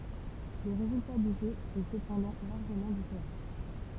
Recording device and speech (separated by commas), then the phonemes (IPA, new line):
temple vibration pickup, read sentence
lə ʁezylta dy ʒø ɛ səpɑ̃dɑ̃ laʁʒəmɑ̃ difeʁɑ̃